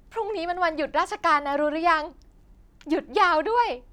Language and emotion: Thai, happy